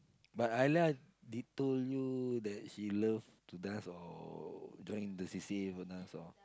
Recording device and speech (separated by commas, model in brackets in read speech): close-talking microphone, conversation in the same room